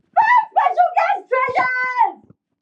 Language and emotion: English, fearful